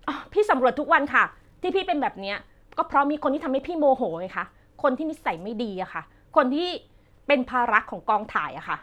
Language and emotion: Thai, frustrated